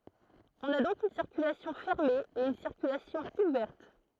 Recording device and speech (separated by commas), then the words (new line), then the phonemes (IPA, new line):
throat microphone, read sentence
On a donc une circulation fermée et une circulation ouverte.
ɔ̃n a dɔ̃k yn siʁkylasjɔ̃ fɛʁme e yn siʁkylasjɔ̃ uvɛʁt